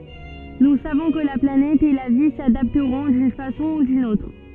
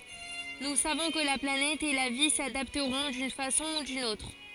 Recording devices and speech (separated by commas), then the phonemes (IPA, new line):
soft in-ear microphone, forehead accelerometer, read sentence
nu savɔ̃ kə la planɛt e la vi sadaptʁɔ̃ dyn fasɔ̃ u dyn otʁ